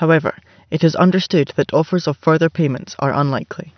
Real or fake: real